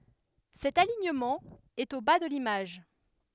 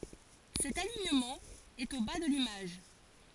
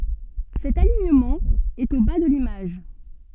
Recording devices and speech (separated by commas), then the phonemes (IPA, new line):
headset microphone, forehead accelerometer, soft in-ear microphone, read sentence
sɛt aliɲəmɑ̃ ɛt o ba də limaʒ